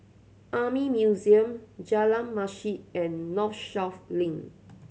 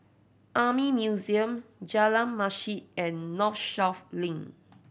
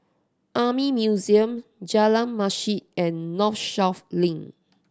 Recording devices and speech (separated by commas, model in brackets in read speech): mobile phone (Samsung C7100), boundary microphone (BM630), standing microphone (AKG C214), read sentence